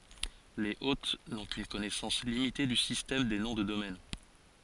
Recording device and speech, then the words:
forehead accelerometer, read sentence
Les hôtes n'ont qu'une connaissance limitée du système des noms de domaine.

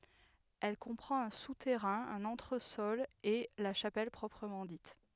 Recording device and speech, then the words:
headset microphone, read sentence
Elle comprend un souterrain, un entresol et la chapelle proprement dite.

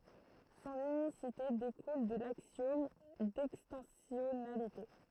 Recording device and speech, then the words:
throat microphone, read sentence
Son unicité découle de l'axiome d'extensionnalité.

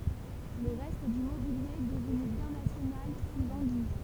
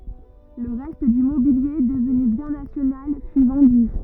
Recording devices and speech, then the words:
temple vibration pickup, rigid in-ear microphone, read sentence
Le reste du mobilier, devenu bien national, fut vendu.

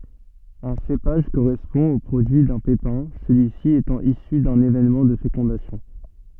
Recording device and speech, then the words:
soft in-ear microphone, read sentence
Un cépage correspond au produit d'un pépin, celui-ci étant issu d'un événement de fécondation.

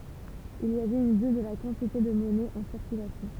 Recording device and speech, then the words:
temple vibration pickup, read sentence
Il y avait une bulle de la quantité de monnaie en circulation.

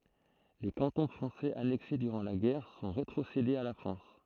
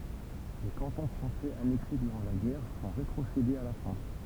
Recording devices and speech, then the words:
throat microphone, temple vibration pickup, read sentence
Les cantons français annexés durant la guerre sont rétrocédés à la France.

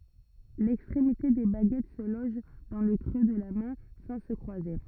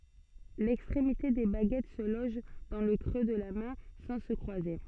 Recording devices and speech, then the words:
rigid in-ear microphone, soft in-ear microphone, read sentence
L'extrémité des baguettes se loge dans le creux de la main, sans se croiser.

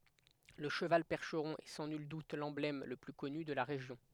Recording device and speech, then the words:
headset microphone, read sentence
Le cheval percheron est sans nul doute l'emblème le plus connu de la région.

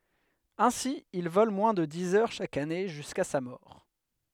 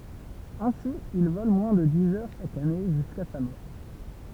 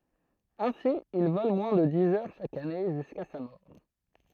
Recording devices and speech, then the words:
headset microphone, temple vibration pickup, throat microphone, read sentence
Ainsi, il vole moins de dix heures chaque année jusqu'à sa mort.

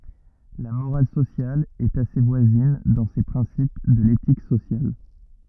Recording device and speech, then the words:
rigid in-ear microphone, read sentence
La morale sociale est assez voisine dans ses principes de l'éthique sociale.

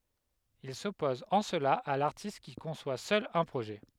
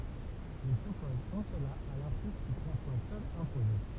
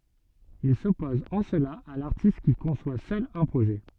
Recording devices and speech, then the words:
headset microphone, temple vibration pickup, soft in-ear microphone, read sentence
Il s’oppose en cela à l’artiste qui conçoit seul un projet.

